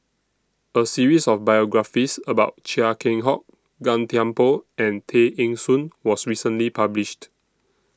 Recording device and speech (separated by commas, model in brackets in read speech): standing microphone (AKG C214), read sentence